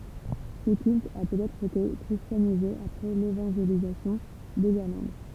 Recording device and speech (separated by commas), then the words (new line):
temple vibration pickup, read sentence
Ce culte a peut-être été christianisé après l'évangélisation de l’Irlande.